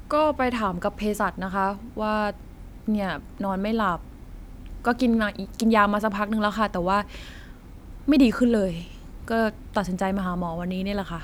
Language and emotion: Thai, frustrated